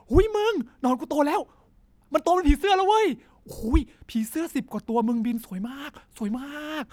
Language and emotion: Thai, happy